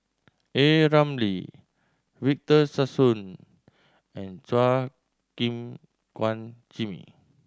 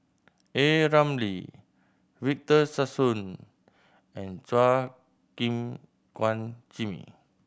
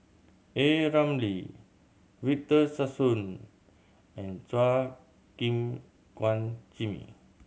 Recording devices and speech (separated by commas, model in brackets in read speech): standing microphone (AKG C214), boundary microphone (BM630), mobile phone (Samsung C7100), read sentence